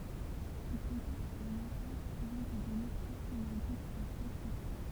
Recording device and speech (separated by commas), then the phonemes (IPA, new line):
temple vibration pickup, read sentence
il kɔ̃pɔʁt œ̃n ɑ̃ tɛt syivi de dɔne pʁɔpʁəmɑ̃ ditz a tʁɑ̃spɔʁte